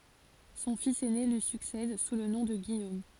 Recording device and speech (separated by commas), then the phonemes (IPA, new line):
forehead accelerometer, read sentence
sɔ̃ fis ɛne lyi syksɛd su lə nɔ̃ də ɡijom